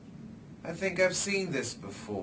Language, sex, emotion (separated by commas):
English, male, neutral